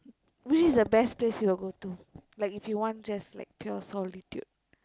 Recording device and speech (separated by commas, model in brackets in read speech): close-talking microphone, conversation in the same room